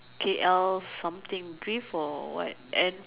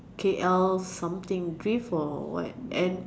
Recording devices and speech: telephone, standing microphone, conversation in separate rooms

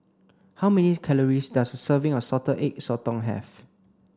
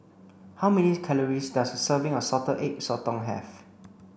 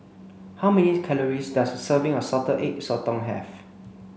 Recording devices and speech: standing microphone (AKG C214), boundary microphone (BM630), mobile phone (Samsung C5), read sentence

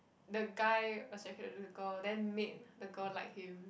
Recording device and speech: boundary microphone, conversation in the same room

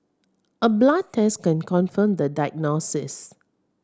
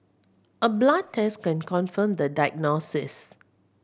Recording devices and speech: standing microphone (AKG C214), boundary microphone (BM630), read sentence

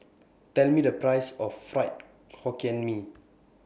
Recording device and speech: boundary microphone (BM630), read sentence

